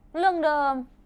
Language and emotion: Thai, frustrated